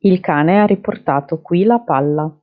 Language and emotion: Italian, neutral